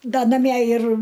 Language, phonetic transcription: Lithuanian, ˈda naˈmie ir

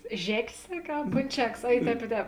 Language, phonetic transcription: Lithuanian, ˈžekės ˈsakė a ponˈčekas a i ˈtēp i ˈtēp

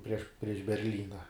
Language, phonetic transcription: Lithuanian, prieš prieš berˈlyna

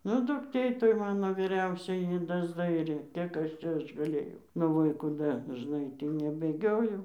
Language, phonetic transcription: Lithuanian, nu dukˈtė toj ˈmano vyˈriausioji ˈji dasˈdairė ˈkiek ˈaš ˈčia ˈaš gaˈlėjau nu ˈva i kūˈda dažˈnai ˈtį nebėˈgiojau

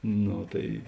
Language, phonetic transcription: Lithuanian, ˈno tai

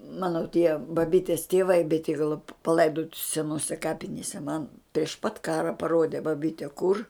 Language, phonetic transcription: Lithuanian, ˈmano tie baˈbytės tėˈvai beˈtygalo paˈlaidoti seˈnose ˈkapinėse man priš pat ˈkara paˈrode baˈbyte kur

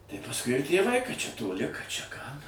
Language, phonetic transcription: Lithuanian, tai pasˈkui ir tėˈvai kad čia toˈli kad čia ką

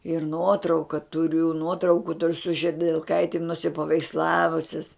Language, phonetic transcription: Lithuanian, ir ˈnuotrauka tuˈriu ˈnuotrauku su židelˈkaitim nusipaveiksˈlavusis

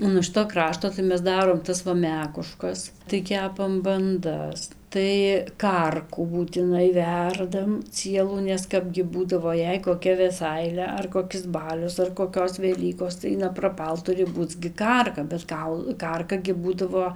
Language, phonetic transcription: Lithuanian, ˌo nuo ˈšito ˈkrašto tai ˈmes ˈdarom ˈtas va ˈmekuˈškas tai ˈkepam banˈdas tai ˈkarkų būtiˈnai ˈverdam ˈcielų nes ˈkapgi ˈbūdavo ˈjei koˈkia veˈsailia ar koˈkis ˈbalius ar koˈkios veˈlykos tai napraˈpal ˈturi ˈbūc gi ˈkarka bet ˈkaul ˈkarka gi ˈbūdavo

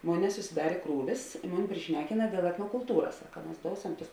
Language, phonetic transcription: Lithuanian, ˈmon nesusiˈdarė ˈkrūvis i ˈmuni priˈšnekina dėl etnokulˈtūras ˈsaka mas ˈdousem tus

